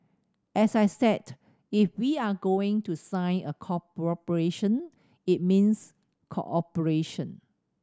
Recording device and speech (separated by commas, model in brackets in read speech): standing microphone (AKG C214), read sentence